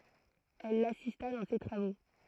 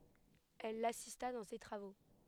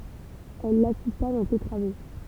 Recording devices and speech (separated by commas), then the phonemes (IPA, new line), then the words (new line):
throat microphone, headset microphone, temple vibration pickup, read sentence
ɛl lasista dɑ̃ se tʁavo
Elle l’assista dans ses travaux.